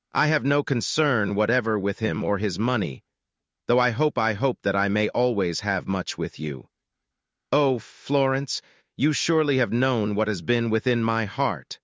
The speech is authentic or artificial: artificial